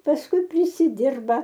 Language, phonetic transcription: Lithuanian, pasˈkui prisiˈdirba

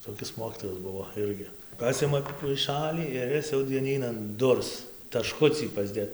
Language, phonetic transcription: Lithuanian, toˈkis ˈmokytojas ˈbuvo ˈirgi ˈpasima paiˈšalį ir ˈis jau dieˈnynan ˈdurs taˈškucį pasˈdėt

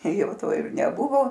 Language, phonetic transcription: Lithuanian, ˈjau ˈto ir neˈbuvo

